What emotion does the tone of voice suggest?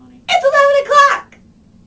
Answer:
happy